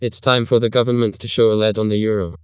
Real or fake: fake